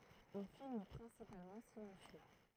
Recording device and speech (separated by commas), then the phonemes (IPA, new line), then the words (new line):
throat microphone, read sentence
œ̃ film pʁɛ̃sipalmɑ̃ silɑ̃sjø
Un film principalement silencieux.